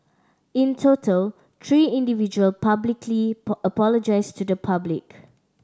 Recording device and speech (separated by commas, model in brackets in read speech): standing microphone (AKG C214), read sentence